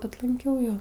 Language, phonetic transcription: Lithuanian, atˈlankiau ˈjo

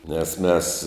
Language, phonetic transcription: Lithuanian, nes ˈmes

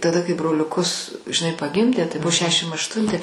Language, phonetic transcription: Lithuanian, taˈda kai broliuˈkus žiˈnai paˈgimdė tai ˈbu ˈšešim ašˈtunti

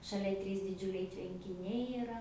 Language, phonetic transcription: Lithuanian, šaˈlia ˈtrys diˈdžiuliai tvenkiˈniai iˈra

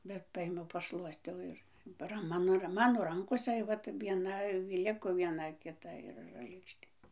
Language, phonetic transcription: Lithuanian, bet ˈpaėmiau paˈšluostiau ˈir ˈran ˈmano ra ˈmano ˈrankosa ˈvat vieˈna ˈliko vieˈna kiˈta ir r lėkšˈtė

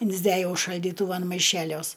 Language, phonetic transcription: Lithuanian, insˈdæjau šaldyˈtuvan maˈišeliuos

